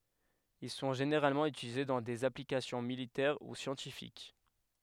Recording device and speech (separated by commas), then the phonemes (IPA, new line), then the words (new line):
headset microphone, read sentence
il sɔ̃ ʒeneʁalmɑ̃ ytilize dɑ̃ dez aplikasjɔ̃ militɛʁ u sjɑ̃tifik
Ils sont généralement utilisés dans des applications militaires ou scientifiques.